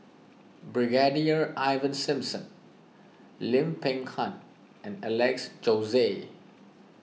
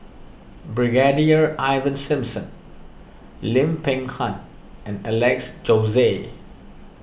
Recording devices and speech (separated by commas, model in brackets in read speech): mobile phone (iPhone 6), boundary microphone (BM630), read sentence